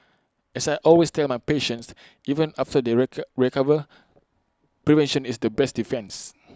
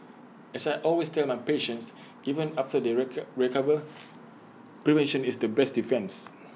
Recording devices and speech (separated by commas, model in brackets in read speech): close-talking microphone (WH20), mobile phone (iPhone 6), read sentence